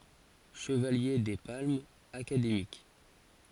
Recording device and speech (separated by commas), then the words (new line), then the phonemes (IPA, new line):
forehead accelerometer, read sentence
Chevalier des Palmes Académiques.
ʃəvalje de palmz akademik